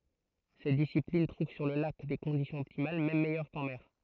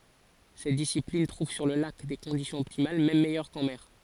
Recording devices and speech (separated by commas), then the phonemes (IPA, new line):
throat microphone, forehead accelerometer, read sentence
sɛt disiplin tʁuv syʁ lə lak de kɔ̃disjɔ̃z ɔptimal mɛm mɛjœʁ kɑ̃ mɛʁ